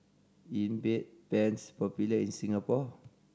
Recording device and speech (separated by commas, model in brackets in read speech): standing microphone (AKG C214), read sentence